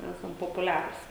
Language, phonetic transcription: Lithuanian, ˈesam popuˈliarus

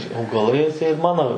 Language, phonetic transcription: Lithuanian, augaˈlai atˈseit ˈmano

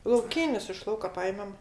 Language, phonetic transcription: Lithuanian, lauˈkynis iš ˈlauka ˈpajemem

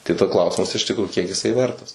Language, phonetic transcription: Lithuanian, tai ˈda ˈklausimas iš tikˈrųju ˈkiek jiˈsai ˈvertas

